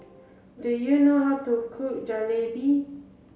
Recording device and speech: mobile phone (Samsung C7), read sentence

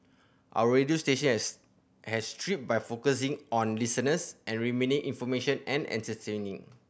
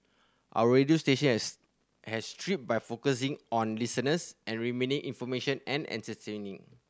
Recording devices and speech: boundary microphone (BM630), standing microphone (AKG C214), read sentence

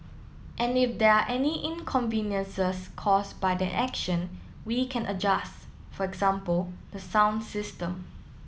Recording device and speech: mobile phone (iPhone 7), read sentence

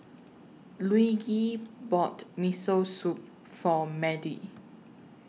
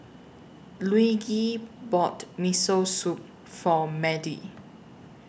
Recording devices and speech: mobile phone (iPhone 6), boundary microphone (BM630), read sentence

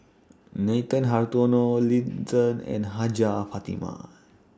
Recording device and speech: standing microphone (AKG C214), read sentence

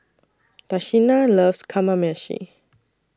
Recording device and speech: standing microphone (AKG C214), read sentence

